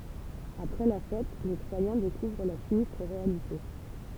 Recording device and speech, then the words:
temple vibration pickup, read sentence
Après la fête, les Troyens découvrent la sinistre réalité.

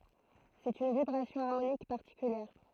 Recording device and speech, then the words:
throat microphone, read sentence
C'est une vibration harmonique particulière.

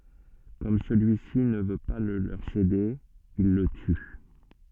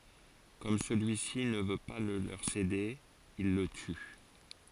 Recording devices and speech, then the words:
soft in-ear microphone, forehead accelerometer, read sentence
Comme celui-ci ne veut pas le leur céder, ils le tuent.

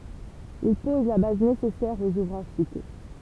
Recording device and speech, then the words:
temple vibration pickup, read sentence
Il pose la base nécessaire aux ouvrages cités.

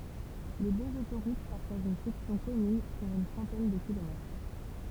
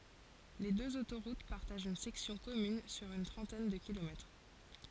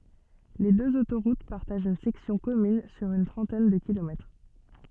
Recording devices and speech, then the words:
temple vibration pickup, forehead accelerometer, soft in-ear microphone, read sentence
Les deux autoroutes partagent une section commune sur une trentaine de kilomètres.

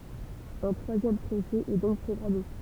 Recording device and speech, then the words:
temple vibration pickup, read sentence
Un troisième procès est donc programmé.

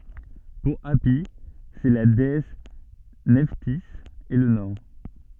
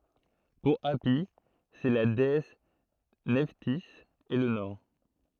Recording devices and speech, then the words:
soft in-ear microphone, throat microphone, read sentence
Pour Hâpi c'est la déesse Nephtys et le nord.

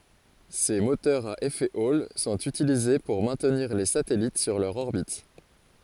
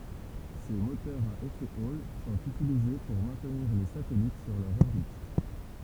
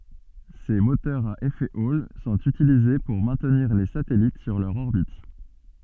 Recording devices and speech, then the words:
forehead accelerometer, temple vibration pickup, soft in-ear microphone, read sentence
Ces moteurs à effet Hall sont utilisés pour maintenir les satellites sur leur orbite.

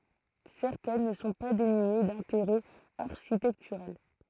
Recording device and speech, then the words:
throat microphone, read sentence
Certaines ne sont pas dénuées d'intérêt architectural.

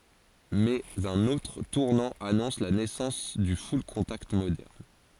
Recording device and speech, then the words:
forehead accelerometer, read sentence
Mais un autre tournant annonce la naissance du full-contact moderne.

